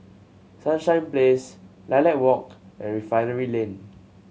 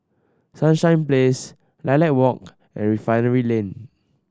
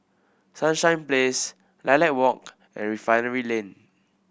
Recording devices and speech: mobile phone (Samsung C7100), standing microphone (AKG C214), boundary microphone (BM630), read sentence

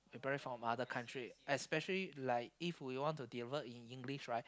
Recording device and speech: close-talking microphone, conversation in the same room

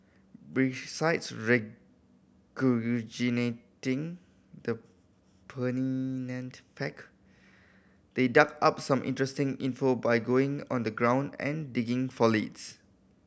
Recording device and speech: boundary microphone (BM630), read sentence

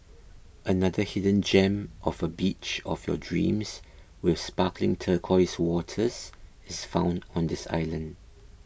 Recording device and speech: boundary microphone (BM630), read sentence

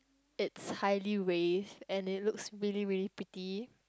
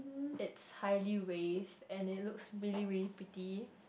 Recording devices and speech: close-talking microphone, boundary microphone, conversation in the same room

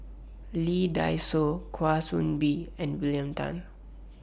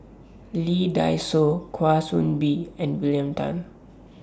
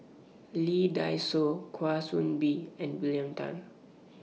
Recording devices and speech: boundary microphone (BM630), standing microphone (AKG C214), mobile phone (iPhone 6), read sentence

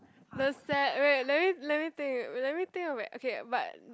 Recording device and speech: close-talking microphone, conversation in the same room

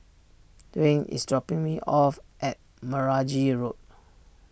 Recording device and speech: boundary microphone (BM630), read sentence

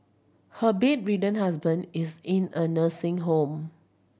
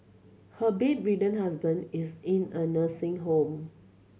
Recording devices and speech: boundary microphone (BM630), mobile phone (Samsung C7100), read sentence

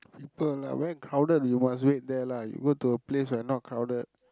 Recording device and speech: close-talking microphone, conversation in the same room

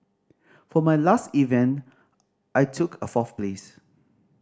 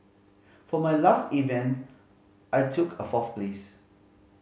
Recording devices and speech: standing microphone (AKG C214), mobile phone (Samsung C5010), read sentence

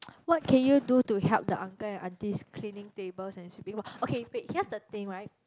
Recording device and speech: close-talking microphone, conversation in the same room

